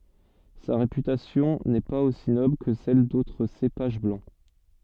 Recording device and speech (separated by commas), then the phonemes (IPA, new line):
soft in-ear microphone, read sentence
sa ʁepytasjɔ̃ nɛ paz osi nɔbl kə sɛl dotʁ sepaʒ blɑ̃